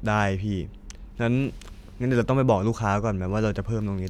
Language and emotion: Thai, neutral